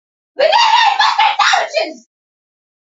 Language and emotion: English, surprised